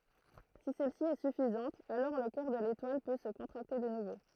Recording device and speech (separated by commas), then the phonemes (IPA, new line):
throat microphone, read sentence
si sɛlsi ɛ syfizɑ̃t alɔʁ lə kœʁ də letwal pø sə kɔ̃tʁakte də nuvo